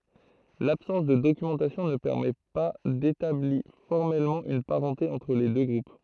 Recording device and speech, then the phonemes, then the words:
throat microphone, read sentence
labsɑ̃s də dokymɑ̃tasjɔ̃ nə pɛʁmɛ pa detabli fɔʁmɛlmɑ̃ yn paʁɑ̃te ɑ̃tʁ le dø ɡʁup
L'absence de documentation ne permet pas d'établit formellement une parenté entre les deux groupes.

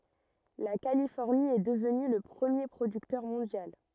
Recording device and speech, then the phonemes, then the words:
rigid in-ear microphone, read sentence
la kalifɔʁni ɛ dəvny lə pʁəmje pʁodyktœʁ mɔ̃djal
La Californie est devenue le premier producteur mondial.

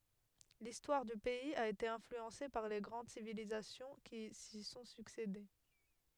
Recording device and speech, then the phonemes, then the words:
headset microphone, read sentence
listwaʁ dy pɛiz a ete ɛ̃flyɑ̃se paʁ le ɡʁɑ̃d sivilizasjɔ̃ ki si sɔ̃ syksede
L'histoire du pays a été influencée par les grandes civilisations qui s'y sont succédé.

